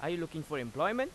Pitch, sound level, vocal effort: 160 Hz, 92 dB SPL, loud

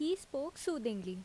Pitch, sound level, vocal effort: 280 Hz, 82 dB SPL, loud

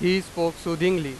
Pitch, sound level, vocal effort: 175 Hz, 96 dB SPL, very loud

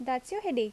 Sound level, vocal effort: 80 dB SPL, normal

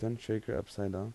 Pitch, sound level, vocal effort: 110 Hz, 81 dB SPL, soft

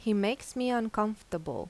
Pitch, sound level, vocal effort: 215 Hz, 84 dB SPL, normal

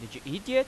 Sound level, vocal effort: 93 dB SPL, loud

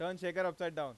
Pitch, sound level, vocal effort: 175 Hz, 99 dB SPL, loud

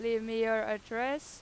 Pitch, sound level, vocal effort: 225 Hz, 95 dB SPL, loud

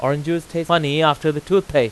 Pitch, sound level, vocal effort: 155 Hz, 94 dB SPL, very loud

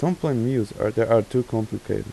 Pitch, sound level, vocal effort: 115 Hz, 84 dB SPL, soft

